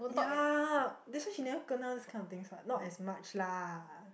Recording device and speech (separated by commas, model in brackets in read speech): boundary microphone, conversation in the same room